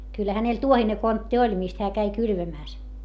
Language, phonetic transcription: Finnish, kylˡᵃ̈ hänel tuohine kontti oĺ mist heä käi kylvämä̀s .
- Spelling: kyllä hänellä tuohinen kontti oli mistä hän kävi kylvämässä

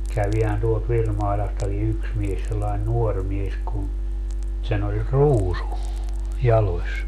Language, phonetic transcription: Finnish, 'kävihän tuolt 'Virmailastaki 'yks mies sellain "nuor mies kun , sen ‿oĺ "ruusu , "jaloś .
- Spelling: kävihän tuolta Virmailastakin yksi mies sellainen nuori mies kun sen oli ruusu jaloissa

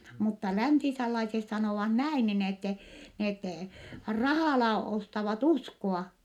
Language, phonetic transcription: Finnish, mutta läntisellaises sanòvah näin nin ‿ettɛ , net , rahàla ostavat uskoa .
- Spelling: mutta läntisenlaisessa sanovat näin niin että ne rahalla ostavat uskoa

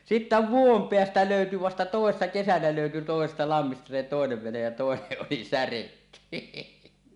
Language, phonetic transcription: Finnish, 'sittä "vuom "peästä lö̀yty vasta "tòessa 'kesänä lö̀yty tòesesta 'lammista se tòenev venej ja 'tòeneˀ ˀoli "säretty .
- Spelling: sitten vuoden päästä löytyi vasta toissa kesänä löytyi toisesta lammista se toinen vene ja toinen oli särjetty

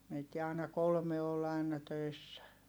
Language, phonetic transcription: Finnish, meitti ài̮na kolme ol aina töissä .
- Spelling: meitä aina kolme oli aina töissä

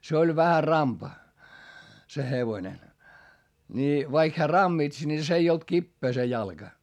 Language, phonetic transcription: Finnish, se oĺ vähä rampa , se hevoⁱne , ńi vaik heä rammits ńi s ‿ei olt kippee se jalGa .
- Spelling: se oli vähän rampa se hevonen niin vaikka hän rammitsi niin se ei ollut kipeä se jalka

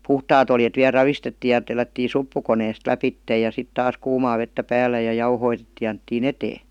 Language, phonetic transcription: Finnish, puhtaat ‿oljet viä 'ravistettii ja tellättin̬ "suppukoneest 'läpittej ja 'sit 'taas 'kuumaa vettä 'päällä ja 'jauhoitettii ja anettii"n ‿etee .
- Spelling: puhtaat oljet vielä ravistettiin ja tellättiin suppukoneesta lävitse ja sitten taas kuumaa vettä päällä ja jauhotettiin ja annettiin eteen

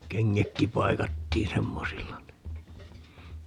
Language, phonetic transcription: Finnish, 'keŋŋäkki 'paikattiin 'semmosilla ni .
- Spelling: kengätkin paikattiin semmoisilla niin

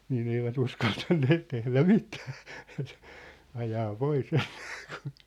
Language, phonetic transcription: Finnish, nii'n ‿eivät 'uskaltanneet tehlä "mitᴀ̈ᴀ̈ , ajaa 'poi's ‿(ᴀɪɴᴀkᴀᴀ) .
- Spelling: niin eivät uskaltaneet tehdä mitään ajaa pois ainakaan

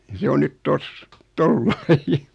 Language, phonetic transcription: Finnish, ja 'se on 'nyt "tos , "tollai .
- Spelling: ja se on nyt tuossa tuolla lailla

